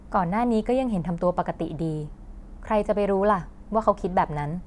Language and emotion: Thai, frustrated